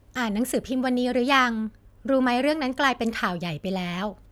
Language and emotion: Thai, neutral